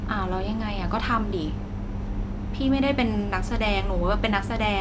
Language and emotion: Thai, frustrated